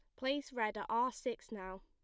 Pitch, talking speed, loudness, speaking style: 235 Hz, 220 wpm, -39 LUFS, plain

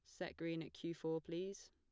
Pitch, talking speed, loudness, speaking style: 165 Hz, 240 wpm, -46 LUFS, plain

